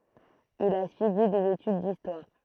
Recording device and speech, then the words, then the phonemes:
throat microphone, read sentence
Il a suivi des études d'histoire.
il a syivi dez etyd distwaʁ

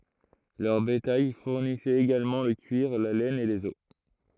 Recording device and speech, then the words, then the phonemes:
throat microphone, read sentence
Leur bétail fournissait également le cuir, la laine et les os.
lœʁ betaj fuʁnisɛt eɡalmɑ̃ lə kyiʁ la lɛn e lez ɔs

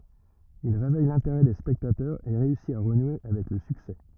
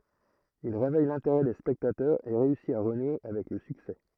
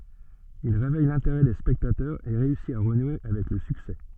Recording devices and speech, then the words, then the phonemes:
rigid in-ear microphone, throat microphone, soft in-ear microphone, read sentence
Il réveille l’intérêt des spectateurs et réussit à renouer avec le succès.
il ʁevɛj lɛ̃teʁɛ de spɛktatœʁz e ʁeysi a ʁənwe avɛk lə syksɛ

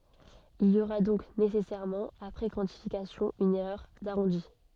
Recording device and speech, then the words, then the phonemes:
soft in-ear microphone, read sentence
Il y aura donc nécessairement, après quantification, une erreur d'arrondi.
il i oʁa dɔ̃k nesɛsɛʁmɑ̃ apʁɛ kwɑ̃tifikasjɔ̃ yn ɛʁœʁ daʁɔ̃di

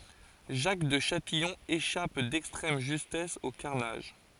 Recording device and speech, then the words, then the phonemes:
forehead accelerometer, read sentence
Jacques de Châtillon échappe d'extrême justesse au carnage.
ʒak də ʃatijɔ̃ eʃap dɛkstʁɛm ʒystɛs o kaʁnaʒ

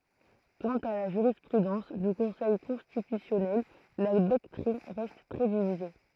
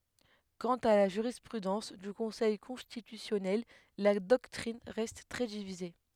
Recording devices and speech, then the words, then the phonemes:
throat microphone, headset microphone, read sentence
Quant à la jurisprudence du Conseil constitutionnel, la doctrine reste très divisée.
kɑ̃t a la ʒyʁispʁydɑ̃s dy kɔ̃sɛj kɔ̃stitysjɔnɛl la dɔktʁin ʁɛst tʁɛ divize

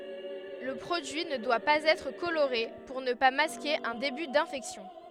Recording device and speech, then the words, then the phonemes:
headset microphone, read sentence
Le produit ne doit pas être coloré pour ne pas masquer un début d'infection.
lə pʁodyi nə dwa paz ɛtʁ koloʁe puʁ nə pa maske œ̃ deby dɛ̃fɛksjɔ̃

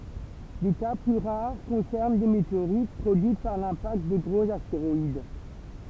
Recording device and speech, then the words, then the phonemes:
temple vibration pickup, read sentence
Des cas plus rares concernent des météorites produites par l'impact de gros astéroïdes.
de ka ply ʁaʁ kɔ̃sɛʁn de meteoʁit pʁodyit paʁ lɛ̃pakt də ɡʁoz asteʁɔid

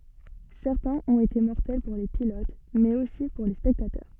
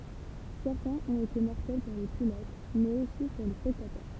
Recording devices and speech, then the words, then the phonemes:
soft in-ear microphone, temple vibration pickup, read sentence
Certains ont été mortels pour les pilotes, mais aussi pour les spectateurs.
sɛʁtɛ̃z ɔ̃t ete mɔʁtɛl puʁ le pilot mɛz osi puʁ le spɛktatœʁ

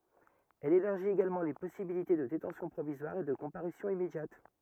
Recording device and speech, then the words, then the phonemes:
rigid in-ear microphone, read sentence
Elle élargit également les possibilités de détention provisoire et de comparution immédiate.
ɛl elaʁʒit eɡalmɑ̃ le pɔsibilite də detɑ̃sjɔ̃ pʁovizwaʁ e də kɔ̃paʁysjɔ̃ immedjat

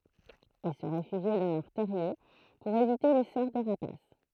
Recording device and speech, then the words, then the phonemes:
throat microphone, read sentence
Ils se réfugient dans leur terrier pour éviter les serres des rapaces.
il sə ʁefyʒi dɑ̃ lœʁ tɛʁje puʁ evite le sɛʁ de ʁapas

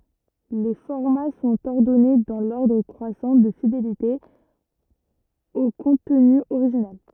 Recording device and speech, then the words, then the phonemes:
rigid in-ear microphone, read sentence
Les formats sont ordonnés dans l'ordre croissant de fidélité au contenu original.
le fɔʁma sɔ̃t ɔʁdɔne dɑ̃ lɔʁdʁ kʁwasɑ̃ də fidelite o kɔ̃tny oʁiʒinal

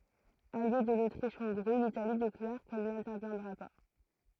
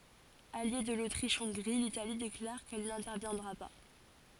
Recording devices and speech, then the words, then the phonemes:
throat microphone, forehead accelerometer, read sentence
Alliée de l’Autriche-Hongrie, l’Italie déclare qu’elle n’interviendra pas.
alje də lotʁiʃɔ̃ɡʁi litali deklaʁ kɛl nɛ̃tɛʁvjɛ̃dʁa pa

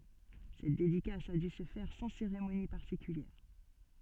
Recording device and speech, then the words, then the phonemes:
soft in-ear microphone, read sentence
Cette dédicace a dû se faire sans cérémonie particulière.
sɛt dedikas a dy sə fɛʁ sɑ̃ seʁemoni paʁtikyljɛʁ

